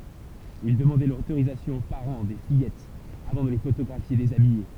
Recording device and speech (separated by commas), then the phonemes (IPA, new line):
temple vibration pickup, read sentence
il dəmɑ̃dɛ lotoʁizasjɔ̃ o paʁɑ̃ de fijɛtz avɑ̃ də le fotoɡʁafje dezabije